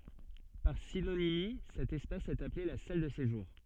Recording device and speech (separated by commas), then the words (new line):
soft in-ear microphone, read sentence
Par synonymie, cet espace est appelé la salle de séjour.